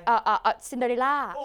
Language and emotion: Thai, neutral